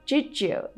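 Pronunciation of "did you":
In 'did you', the d and the y join together into a j sound.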